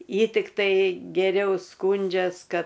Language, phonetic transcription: Lithuanian, ˈji tikˈtai geˈriau ˈskūndžias ˈkad

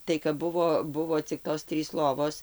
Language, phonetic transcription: Lithuanian, tai kap ˈbuvo ˈbuvo cik ˈtos ˈtrys ˈlovos

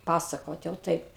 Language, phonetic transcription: Lithuanian, ˈpasakot jau ˈtaip

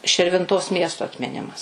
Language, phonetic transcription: Lithuanian, širvinˈtos ˈmiesto atmiˈnimas

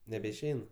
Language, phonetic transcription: Lithuanian, nebeišˈein

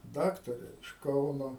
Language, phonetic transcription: Lithuanian, ˈdaktare iš ˈkauno

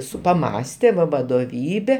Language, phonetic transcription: Lithuanian, ˈsu paˈmąste va vadoˈvybe

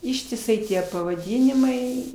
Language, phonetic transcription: Lithuanian, ištiˈsai ˈtie pavaˈdynimai

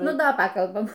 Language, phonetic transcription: Lithuanian, ˈnu ˈda ˈpakalbam

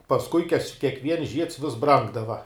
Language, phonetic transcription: Lithuanian, pasˈkui kaž kiekˈviens žieds vis ˈbrangdava

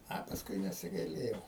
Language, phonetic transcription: Lithuanian, ˈa pasˈkui nesigaiˈlėjau

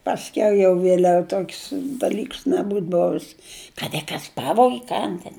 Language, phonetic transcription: Lithuanian, pasˈkiau jau vieˈliau ˈtok's' daˈlyks neˈbūt ˈbovis kad i ˈkas ˈpavogi ˈkan ten

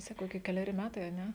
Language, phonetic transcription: Lithuanian, ˈsakau ki keleˈri ˈmetai a ˈne

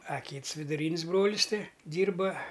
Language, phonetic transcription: Lithuanian, a ˈkyts viduˈryn's' ˈbrolis ˈti ˈdyrba

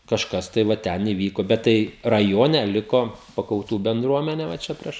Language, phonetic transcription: Lithuanian, kažˈkas tai va ˈten įˈvyko bet ˈtai raˈjone ˈliko pakauˈtų bendruoˈmene va ˈčia ˈprieš

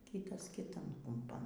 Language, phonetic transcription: Lithuanian, ˈkytas kiˈtan kumˈpan

